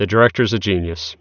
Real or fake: real